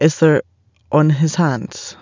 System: none